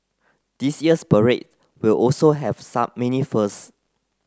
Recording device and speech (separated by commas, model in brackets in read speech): close-talking microphone (WH30), read sentence